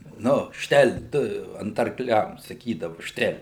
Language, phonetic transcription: Lithuanian, ˈnu ˈštel' ˈtu ant arkˈliam saˈkydavu ˈštel'

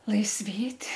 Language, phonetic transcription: Lithuanian, laisˈvėt'

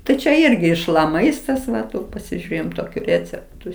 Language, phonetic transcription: Lithuanian, ˈtai čia ˈirgi iš la ˈmaistas ˈva ˈtų pasiˈžiurėjam toˈkių ˈrėceptu

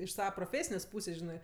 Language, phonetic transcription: Lithuanian, iš ˈsava proˈfėsinės' ˈpūsės' ˈžinɜ

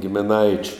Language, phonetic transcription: Lithuanian, gimiˈnaičiu

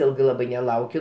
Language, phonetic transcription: Lithuanian, ˈilgai ˈlabai neˈlaukiu

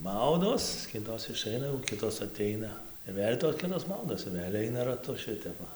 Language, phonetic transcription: Lithuanian, ˈmaudos ˈkitos iˈšaina jau ˈkitos aˈteina ir ˈvėl' tos ˈkitos ˈmaudos ir ˈvėl' ˈaina raˈtu ˈšitep ˈva

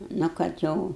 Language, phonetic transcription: Lithuanian, ˈnu kad ˈjau

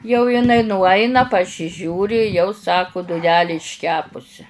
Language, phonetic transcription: Lithuanian, jau jiˈnai nuˈaina pasiˈžiūri jau ˈsaku duˈnelė išˈkepusi

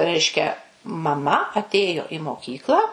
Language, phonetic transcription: Lithuanian, ˈreiškia maˈma atˈėjo i moˈkyklą

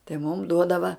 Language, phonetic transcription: Lithuanian, tai mum ˈduodava

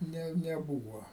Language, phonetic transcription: Lithuanian, ˈne neˈbūva

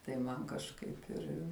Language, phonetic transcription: Lithuanian, tai ˈman kažˈkaip ir

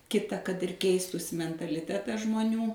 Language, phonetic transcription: Lithuanian, ˈkita kad ir ˈkeistųsi mentaliˈtetas žmoˈnių

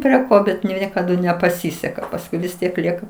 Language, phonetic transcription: Lithuanian, prie ˈko ˈbet nu ˈniekadu nepaˈsiseka pasˈkui vis ˈtiek ˈlieka

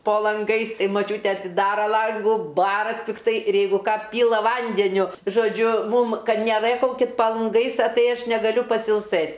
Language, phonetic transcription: Lithuanian, po lanˈgais ˈtai ˈmaˈčiūte atiˈdara ˈlangų ˈbaras' pikˈtai ir ˈjeigu ˈką ˈpyla ˈvandeniu žoˈdžiu ˈmūm ˈkad neˈrɘkaukit pa lanˈgais a ˈtai ˈaš negaˈliu pasilˈsɘt'

